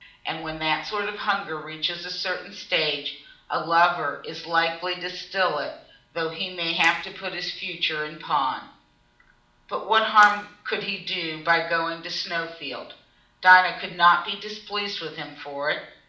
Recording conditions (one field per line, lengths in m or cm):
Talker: one person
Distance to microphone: 2.0 m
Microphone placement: close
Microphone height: 99 cm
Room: medium-sized (5.7 m by 4.0 m)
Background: none